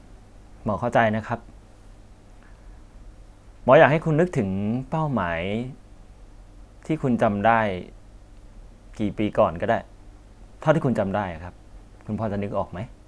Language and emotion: Thai, neutral